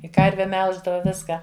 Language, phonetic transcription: Lithuanian, i ˈkarve ˈmelždava ˈviską

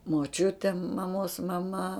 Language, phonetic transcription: Lithuanian, moˈčiutė maˈmos maˈma

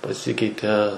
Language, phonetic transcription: Lithuanian, paˈsikeite

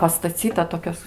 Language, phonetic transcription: Lithuanian, pastaˈcyta ˈtokios

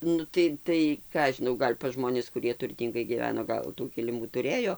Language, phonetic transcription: Lithuanian, ˈnu tai tai ˈką aš žiˈnau ˈgal' pasˈžmonis kuˈrie turˈtyngai gyˈveno ˈgal tų kiliˈmų tuˈrėjo

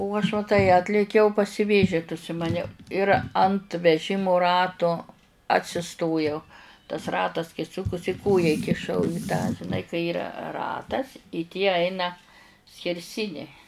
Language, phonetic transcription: Lithuanian, u aš va ˈtai ˈatlėkiau pasiˈvėžit užsimaˈniau ir ant veˈžimu ˈratu atsiˈstojau tas ˈratas kai ˈsukusi ˈkoją ikiˈšau i tą žiˈnai kai ˈyra ˈratas i tie ˈaina skerˈsiniai

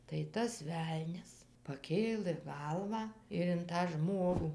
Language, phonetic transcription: Lithuanian, tai ˈtas ˈvelnias paˈkėlɘ ˈgalvą ir in tą ˈžmogų

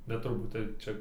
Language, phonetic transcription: Lithuanian, bet turˈbūt ˈtaip ˈčia

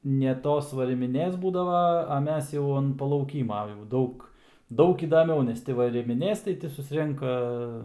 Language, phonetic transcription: Lithuanian, ne ˈtos varimiˈnės ˈbūdava a ˈmes jau an palauˈkyma jau ˈdaug ˈdaug įdaˈmiau nes ˈti varimiˈnės tai ˈti susˈrenka

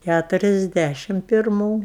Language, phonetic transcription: Lithuanian, kæturiasˈdæšim pirˈmų

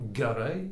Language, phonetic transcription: Lithuanian, geˈrai

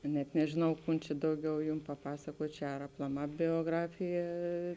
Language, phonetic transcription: Lithuanian, ka net nežiˈnau ˈkun čia ˈdauˌgiau ˈjum paˈpasakuot' ˈčia ar aplaˈmā bioˈgrafija

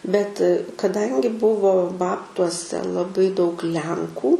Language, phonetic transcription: Lithuanian, bet kaˈdangi ˈbuvo ˈbabtuose laˈbai daug ˈlenkų

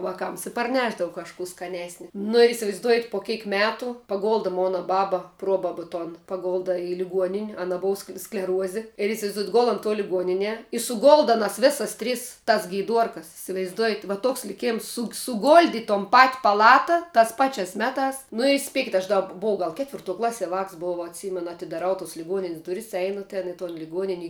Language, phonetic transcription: Lithuanian, ˈvakams i parˈnešdavu kažˈkų skaˈnesni nu ir isivaizˈduojat' po ˈkėk ˈmetu paˈgolda ˈmona ˈbaba ˈpruobabu ˈton paˈgolda i liˈguonin' ˈana ˈbova skle skleˈruozi ir' isivaizˈduojat ˈgol on tuo liˈguonine i suˈgolda ˈanas ˈvėsas ˈtris tas geiˈduorkas isivaizˈduojat va ˈtoks liˈkėms suk suˈgoldi in ton pat' paˈlata tas ˈpačias ˈmetās nu i ˈspėkit aš da buˈvau ˈgal ˈketvirˌtuo ˈklasi vāks buˈvau atˈsymenu atidaˈrau tus liˈguoninis duˈris ˈeinu ten i ton liˈguonin' i

